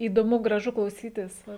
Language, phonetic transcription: Lithuanian, įdoˈmu graˈžu klauˈsytis ˈva

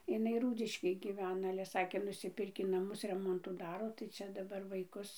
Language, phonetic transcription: Lithuanian, iˈnai ˈrūdiškėj giˈvena ale ˈsakė nusiˈpirkį naˈmus ˈremontų ˈdaro tai ˈčia daˈbar vaiˈkus

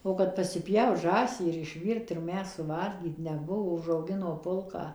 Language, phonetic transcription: Lithuanian, ˌo kad pasiˈpjaut ˈžąsį ir išˈvyrt ir ˈmes suˈvalgyt neˈbuvo užauˈgino ˈpulką

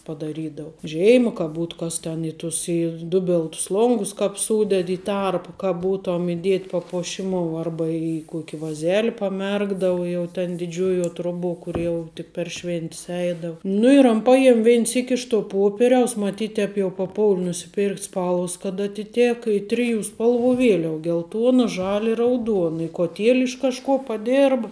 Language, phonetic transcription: Lithuanian, padaˈrydau ˈžėima ka ˈbūt kas ten ˈi ˌtus i ˈdubiltus ˈlongus kāp ˈsūded i ˈtarpu ka ˈbūtom iˈdiet' papoˈšimou ˈarba i ˈkuoki vaˈzeli paˈmerkdavu ˈjau ten diˈdžiuojuo ˈtroˌbuo ˈkur jau tik per ˈšvėn't's ˈeidav ˈnu ir an ˈpajem ˈvein ˈsyk' iš to ˈpoperiaus maˈtyt ˈtēp jau paˈpoul' nusiˈpėrkt' ˈspalvas kad atiˈtėka i ˈtriˌjų ˈspalˌvų ˈvieliav gelˈtuona ˈžali i rauˈduon i kuoˈtiel' iš kažˈkuo paˈdėrb

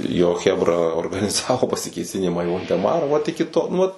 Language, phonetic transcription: Lithuanian, jo ˈchebra organiˈzavo pasikėˈsinimą į voldeˈmara ˈvat iki ˈto nu ˈvat

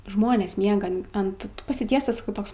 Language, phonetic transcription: Lithuanian, ˈžmonės ˈmiega ant pasiˈtiestas ˈtoks

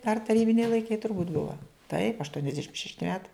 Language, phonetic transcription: Lithuanian, dar taˈrybiniai laiˈkai turˈbūt' ˈbuva taip aštuoniasˈdešim šešˈti ˈmetai

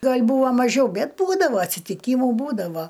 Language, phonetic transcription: Lithuanian, ˈgal' ˈbūva maˈžiau ˈbet ˈbūdava atsitiˈkymu ˈbūdavo

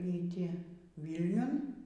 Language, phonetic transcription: Lithuanian, y ˈti vylˈniun

